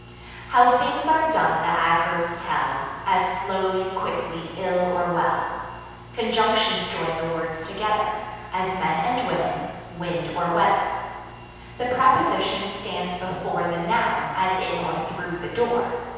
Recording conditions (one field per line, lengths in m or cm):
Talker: one person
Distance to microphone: 7.1 m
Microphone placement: far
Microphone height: 1.7 m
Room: very reverberant, large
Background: none